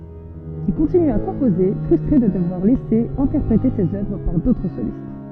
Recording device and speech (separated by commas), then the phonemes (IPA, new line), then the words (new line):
soft in-ear microphone, read sentence
il kɔ̃tiny a kɔ̃poze fʁystʁe də dəvwaʁ lɛse ɛ̃tɛʁpʁete sez œvʁ paʁ dotʁ solist
Il continue à composer, frustré de devoir laisser interpréter ses œuvres par d'autres solistes.